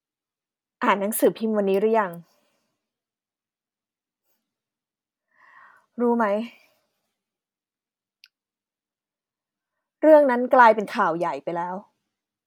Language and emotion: Thai, frustrated